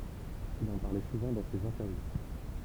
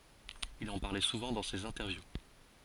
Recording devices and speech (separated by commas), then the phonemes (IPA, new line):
temple vibration pickup, forehead accelerometer, read sentence
il ɑ̃ paʁlɛ suvɑ̃ dɑ̃ sez ɛ̃tɛʁvju